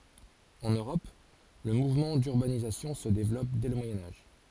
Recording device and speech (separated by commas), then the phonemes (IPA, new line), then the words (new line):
forehead accelerometer, read sentence
ɑ̃n øʁɔp lə muvmɑ̃ dyʁbanizasjɔ̃ sə devlɔp dɛ lə mwajɛ̃ aʒ
En Europe, le mouvement d'urbanisation se développe dès le Moyen Âge.